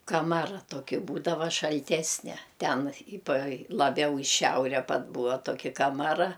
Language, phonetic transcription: Lithuanian, kaˈmara ˈtoki ˈbūdava šalˈtesne ˈten i pa laˈbiau i ˈšiaure pat ˈbūa ˈtoki kamaˈra

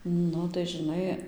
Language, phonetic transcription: Lithuanian, ˈnu tai žiˈnai

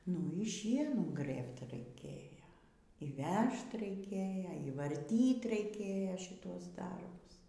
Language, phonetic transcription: Lithuanian, nu y ˈšienų ˈgrɘbt raiˈkėjo y ˈvežt raiˈkėja y varˈtyt raiˈkėja šiˈtuos ˈdarbus

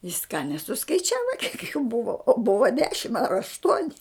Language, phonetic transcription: Lithuanian, jis ką nesuskaiˈčiava kiek jų ˈbuva o ˈbuva ˈdešim ar ašˈtuoni

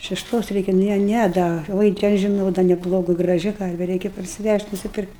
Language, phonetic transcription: Lithuanian, šešˈtos ˈreikia ˈne ˈnæ da ˈvoi te aš žiˈnau da neˈblogu graˈži ˈkarve ˈreikia parsiˈvæžt' nusiˈpirkt'

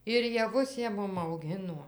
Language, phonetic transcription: Lithuanian, ir jaˈvus ˈjie ˈmum auˈginuo

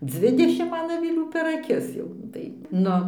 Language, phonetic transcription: Lithuanian, ˈdzvidešim ˈman aviˈlių per aˈkis ˈjau tai ˈnu

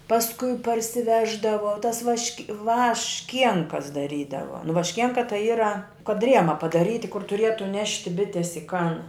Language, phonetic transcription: Lithuanian, pasˈkui parsiˈveždavo tas vašk' vašˈkienkas daˈrydavo nu vašˈkienka tai ˈyra kad ˈriema padaˈryti kur tuˈrietu ˈnešti ˈbitės i kan

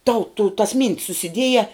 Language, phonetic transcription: Lithuanian, tau tu tas myn't's susiˈdieja

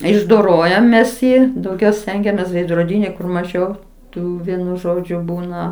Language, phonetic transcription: Lithuanian, išdoˈrojam ˈmes ˈji dauˈgiau ˈstengiamės veidroˈdyni kur maˈžiau ˈtų ˈvienu ˈžodžiu ˈbūna

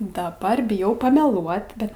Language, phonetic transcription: Lithuanian, daˈbar biˈjau pameˈluot ˈbet

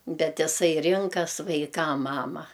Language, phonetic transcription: Lithuanian, ˈbet iˈsai ˈrinkas vaiˈkam ˈmama

